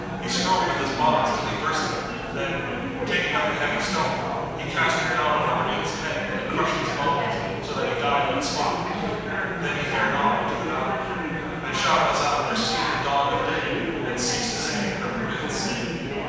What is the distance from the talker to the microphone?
7.1 m.